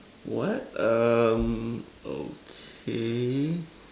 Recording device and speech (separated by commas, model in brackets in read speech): standing microphone, conversation in separate rooms